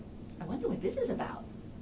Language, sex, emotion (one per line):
English
female
neutral